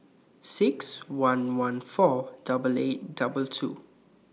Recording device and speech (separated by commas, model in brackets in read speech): mobile phone (iPhone 6), read sentence